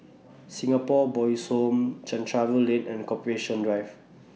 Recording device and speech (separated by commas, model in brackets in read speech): mobile phone (iPhone 6), read sentence